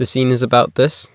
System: none